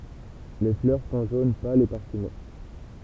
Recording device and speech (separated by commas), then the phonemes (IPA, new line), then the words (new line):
temple vibration pickup, read sentence
le flœʁ sɔ̃ ʒon pal e paʁfyme
Les fleurs sont jaune pâle et parfumées.